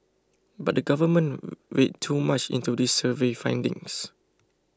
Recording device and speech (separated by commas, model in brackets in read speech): close-talking microphone (WH20), read sentence